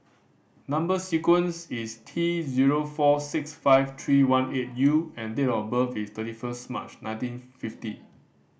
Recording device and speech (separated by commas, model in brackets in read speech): boundary microphone (BM630), read sentence